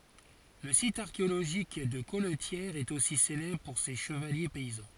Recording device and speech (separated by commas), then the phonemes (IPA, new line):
forehead accelerometer, read sentence
lə sit aʁkeoloʒik də kɔltjɛʁ ɛt osi selɛbʁ puʁ se ʃəvalje pɛizɑ̃